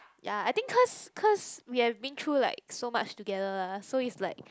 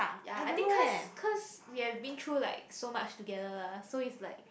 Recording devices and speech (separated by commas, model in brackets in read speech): close-talking microphone, boundary microphone, conversation in the same room